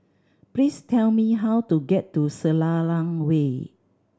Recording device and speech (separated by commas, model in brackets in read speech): standing microphone (AKG C214), read sentence